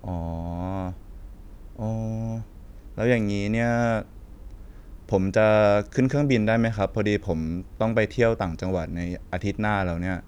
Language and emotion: Thai, neutral